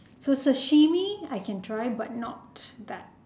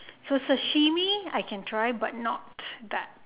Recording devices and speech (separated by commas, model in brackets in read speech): standing microphone, telephone, conversation in separate rooms